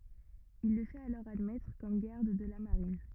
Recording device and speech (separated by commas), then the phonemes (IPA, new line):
rigid in-ear microphone, read sentence
il lə fɛt alɔʁ admɛtʁ kɔm ɡaʁd də la maʁin